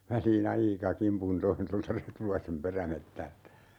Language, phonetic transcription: Finnish, 'välii"n ‿aika 'kimpun 'toin tolta "Retulaisem 'perämettältä .
- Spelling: väliin aika kimpun toin tuolta Retulaisen perämetsältä

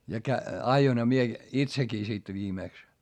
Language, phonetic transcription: Finnish, ja kä- , ajoinha mie , itsekii sit viimèks .
- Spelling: ja - ajoinhan minä itsekin sitten viimeksi

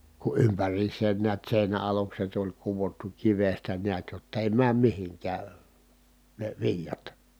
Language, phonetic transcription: Finnish, ku ʼympär̆riis̆seen niät sèinä alukset ‿oĺ kuvottu kivestä niät jott ‿èi määm mihiŋkää , ne viĺjat .
- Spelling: kun ympäriinsä näet seinä alukset oli kudottu kivestä näet jotta ei mene mihinkään ne viljat

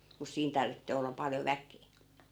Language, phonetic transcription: Finnish, mus 'siin 'tarvittee ollap 'paljo "väk̀ee .
- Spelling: mutta siinä tarvitsee olla paljon väkeä

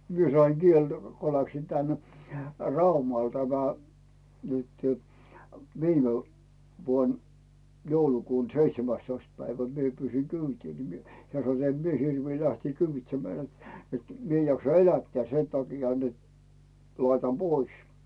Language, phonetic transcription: Finnish, 'mie saiŋ "Gieltä , ko 'läksin 'tän , "Raumal tämä , nytʏ , viime , vuon , 'joulukuun̬ "seitsemästoist päivä mie 'pyysiŋ "kyytii ni mie , 'hᵉä̀ 'sano n̥t » 'em mie 'hirvii 'lähtii "kyyvitsemmää net , et , 'mi ‿ej jaksa "elättää 'sen taki̳a̳ net , 'laitam "Bois « .
- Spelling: minä sain sieltä kun läksin tänne Raumalle tämä nyt viime vuonna joulukuun seitsemästoista päivä minä pyysin kyytiä niin minä hän sanoi niin että en minä hirviä lähteä kyyditsemään että että minä en jaksa elättää sen takia että laitan pois

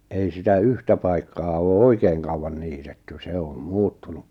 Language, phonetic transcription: Finnish, ei sitä "yhtä paikkaa oo "oikeeŋ kauwan 'niitetty 'se om 'muuttunu .
- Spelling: ei sitä yhtä paikkaa ole oikein kauan niitetty se on muuttunut

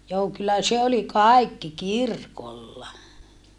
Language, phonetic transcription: Finnish, joo kyllä se oli kài̮kki kirkolla .
- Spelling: joo kyllä se oli kaikki kirkolla

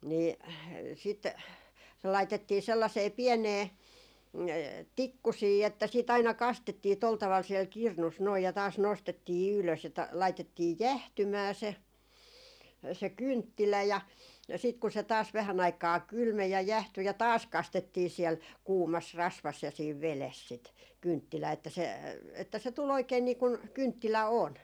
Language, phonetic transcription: Finnish, 'nii , 'sit , se 'laitettii 'sellasee "piɛnee , "tikkusii että siit ‿aina 'kastettii tol taval siɛl "kirnus noi ja taas 'nostettii "ylös ja 'laitettii "jähtymää se , se "kynttilä ja , sit ku se taas 'vähän ‿aikaa "kylmej ja 'jähty ja "taas "kastettii siɛl , 'kuumas 'rasvas ja siiv 'veles sit , 'kynttilää että se , että se tu'l ‿oikein nii kuŋ "kynttilä 'on .
- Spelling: niin sitten se laitettiin sellaiseen pieneen tikkusiin että sitten aina kastettiin tuolla tavalla siellä kirnussa noin ja taas nostettiin ylös ja laitettiin jäähtymään se se kynttilä ja sitten kun se taas vähän aikaa kylmeni ja jäähtyi ja taas kastettiin siellä kuumassa rasvassa ja siinä vedessä sitä kynttilää että se että se tuli oikein niin kuin kynttilä on

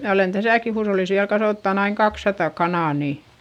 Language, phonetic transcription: Finnish, mnä olen täsä̀ki huushollis viäl kasòttan ‿aiŋ kakssata kanà ni ,.
- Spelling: minä olen tässäkin huushollissa vielä kasvattanut aina kaksisataa kanaa ni

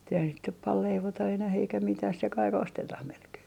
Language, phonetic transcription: Finnish, mut ‿eihäs sit nyp pal "leivota enäh eikä 'mitäh se 'kai"k ‿ostetah melkee .
- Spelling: mutta eihän sitä nyt paljon leivota enää eikä mitään se kaikki ostetaan melkein

